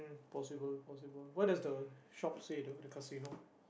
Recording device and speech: boundary microphone, conversation in the same room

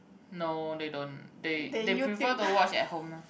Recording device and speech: boundary microphone, conversation in the same room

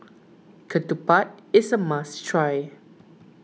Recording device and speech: mobile phone (iPhone 6), read sentence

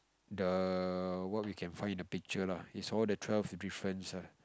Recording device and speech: close-talking microphone, conversation in the same room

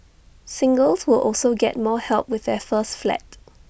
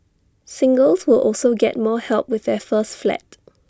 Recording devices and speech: boundary microphone (BM630), standing microphone (AKG C214), read sentence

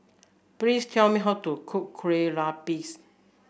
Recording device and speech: boundary microphone (BM630), read sentence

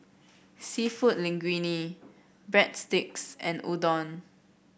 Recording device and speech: boundary microphone (BM630), read sentence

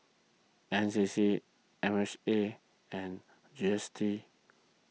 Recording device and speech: mobile phone (iPhone 6), read sentence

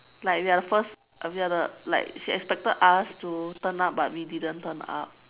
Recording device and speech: telephone, conversation in separate rooms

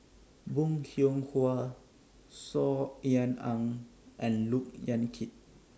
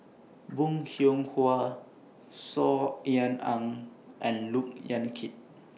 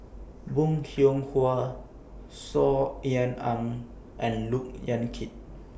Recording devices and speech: standing microphone (AKG C214), mobile phone (iPhone 6), boundary microphone (BM630), read sentence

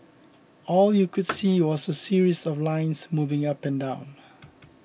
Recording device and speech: boundary microphone (BM630), read sentence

